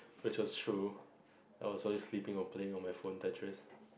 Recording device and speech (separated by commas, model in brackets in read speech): boundary microphone, conversation in the same room